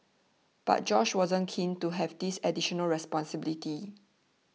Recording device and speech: mobile phone (iPhone 6), read sentence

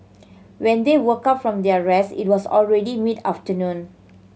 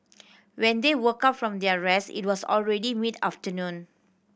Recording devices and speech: mobile phone (Samsung C7100), boundary microphone (BM630), read sentence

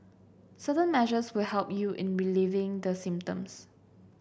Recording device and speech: boundary microphone (BM630), read sentence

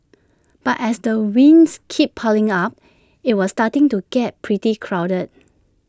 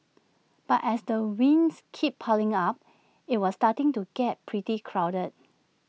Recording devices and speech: standing microphone (AKG C214), mobile phone (iPhone 6), read sentence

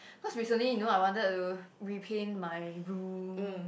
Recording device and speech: boundary microphone, conversation in the same room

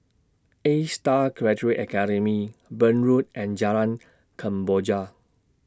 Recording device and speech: standing microphone (AKG C214), read sentence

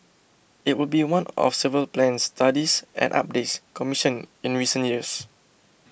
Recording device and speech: boundary microphone (BM630), read sentence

